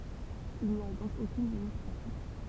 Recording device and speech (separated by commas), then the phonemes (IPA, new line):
temple vibration pickup, read sentence
il ni a dɔ̃k okyn limit pʁatik